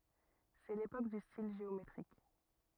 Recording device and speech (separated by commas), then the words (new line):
rigid in-ear microphone, read sentence
C'est l'époque du style géométrique.